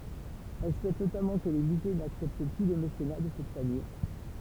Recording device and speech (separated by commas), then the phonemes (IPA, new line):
temple vibration pickup, read sentence
ɛl suɛt notamɑ̃ kə le myze naksɛpt ply lə mesena də sɛt famij